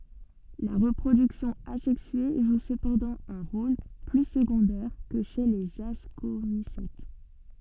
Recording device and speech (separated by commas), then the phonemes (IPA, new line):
soft in-ear microphone, read sentence
la ʁəpʁodyksjɔ̃ azɛksye ʒu səpɑ̃dɑ̃ œ̃ ʁol ply səɡɔ̃dɛʁ kə ʃe lez askomisɛt